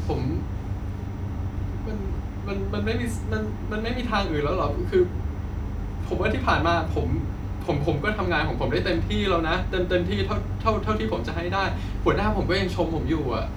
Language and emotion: Thai, sad